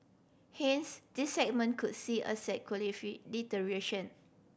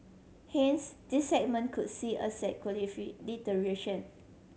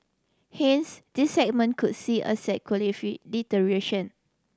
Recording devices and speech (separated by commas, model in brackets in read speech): boundary microphone (BM630), mobile phone (Samsung C7100), standing microphone (AKG C214), read sentence